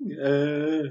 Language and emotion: Thai, happy